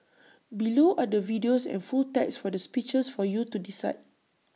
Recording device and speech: mobile phone (iPhone 6), read sentence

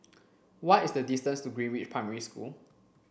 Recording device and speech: boundary microphone (BM630), read sentence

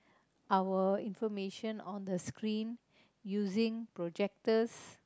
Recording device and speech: close-talking microphone, conversation in the same room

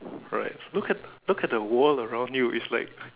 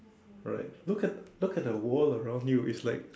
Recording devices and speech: telephone, standing microphone, conversation in separate rooms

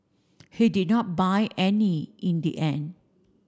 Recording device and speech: standing microphone (AKG C214), read sentence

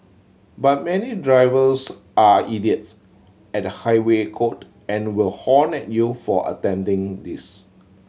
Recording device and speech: mobile phone (Samsung C7100), read sentence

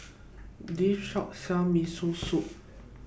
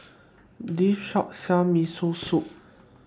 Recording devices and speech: boundary microphone (BM630), standing microphone (AKG C214), read sentence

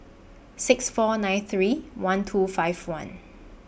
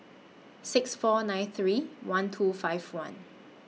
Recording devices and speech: boundary microphone (BM630), mobile phone (iPhone 6), read sentence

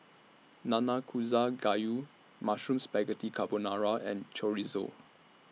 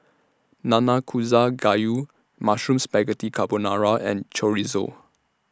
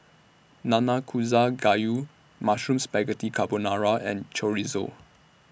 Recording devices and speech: mobile phone (iPhone 6), standing microphone (AKG C214), boundary microphone (BM630), read sentence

